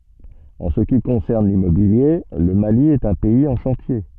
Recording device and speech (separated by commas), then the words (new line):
soft in-ear microphone, read sentence
En ce qui concerne l'immobilier, le Mali est un pays en chantier.